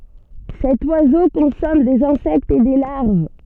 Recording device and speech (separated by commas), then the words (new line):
soft in-ear microphone, read sentence
Cet oiseau consomme des insectes et des larves.